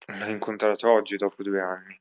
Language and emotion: Italian, sad